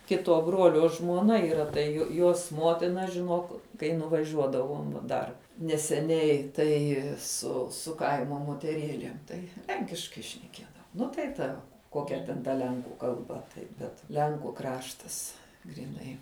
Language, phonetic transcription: Lithuanian, ˈkituo ˈbruolio žmuoˈna yˈra tai ju ˈjuos ˈmuotina žiˈnuok kai nuvaˈžiuodavom va ˈdar neseˈniai ˈtai su su ˈkaimo moteˈrėlėm ˈtai ˈlenkiškai šneˈkiedavo ˈnu tai ˈta ˈkokia ten ta ˈlenkų kalˈba tai bet ˈlenku ˈkraštas gryˈnai

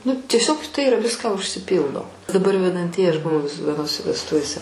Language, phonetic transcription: Lithuanian, nu tieˈsiog tai iˈra ˈviską užsiˈpyldo daˈbar vedanˈtieji ˈaš buˈvau vis vieˈnose vesˈtuvėse

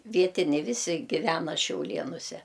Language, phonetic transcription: Lithuanian, ˈvietiniai ˈvisi giˈvena šiauˈlėnuse

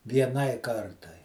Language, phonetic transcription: Lithuanian, vieˈnai ˈkartai

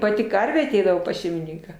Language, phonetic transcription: Lithuanian, ˈpati ˈkarvė aˈteidavo pas šeimiˈninką

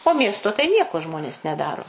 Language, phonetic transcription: Lithuanian, o ˈmiesto tai ˈnieko ˈžmonės neˈdaro

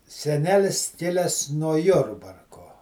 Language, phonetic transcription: Lithuanian, seˈnelis ˈkiles nuo ˈjurbarko

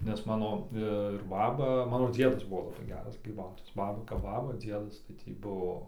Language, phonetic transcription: Lithuanian, nes ˈmano ir ˈbaba ˈmano ˈdziedas ˈbuvo laˈbai ˈgeras gryˈbautojas ˈbaba kap ˈbaba ˈdziedas tai ˈtį ˈbuvo

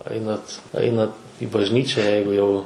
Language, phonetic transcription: Lithuanian, ˈainat ˈainat i bažˈnyčia ˈjeigu jau

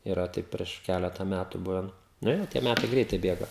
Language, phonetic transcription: Lithuanian, yˈra ˈtaip prieš ˈkæleta ˈmætu ˈbuven ˈnu jau tie ˈmætai ˈgreitai ˈbėga

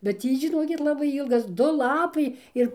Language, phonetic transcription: Lithuanian, bet ˈtį žiˈnokit ˈlabai ˈylgas ˈdu ˈlapai ˈir

